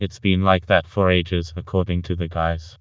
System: TTS, vocoder